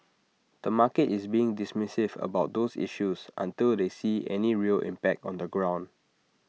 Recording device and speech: mobile phone (iPhone 6), read sentence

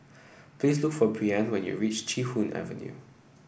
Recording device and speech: boundary microphone (BM630), read sentence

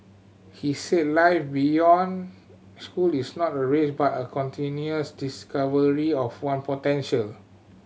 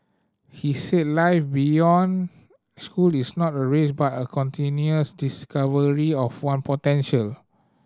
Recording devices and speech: mobile phone (Samsung C7100), standing microphone (AKG C214), read sentence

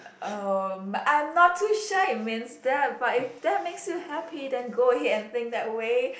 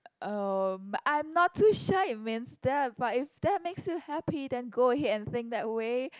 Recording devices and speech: boundary microphone, close-talking microphone, conversation in the same room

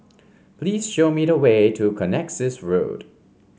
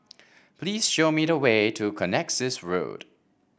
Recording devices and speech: mobile phone (Samsung C5), boundary microphone (BM630), read sentence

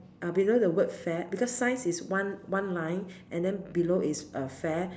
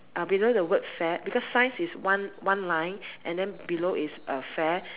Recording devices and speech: standing microphone, telephone, conversation in separate rooms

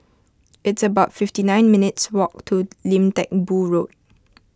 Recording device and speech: close-talking microphone (WH20), read sentence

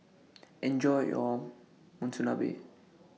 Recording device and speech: mobile phone (iPhone 6), read sentence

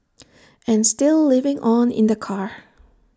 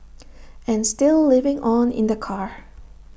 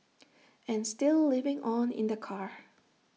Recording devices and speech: standing microphone (AKG C214), boundary microphone (BM630), mobile phone (iPhone 6), read sentence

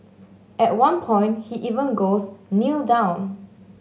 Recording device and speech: mobile phone (Samsung S8), read sentence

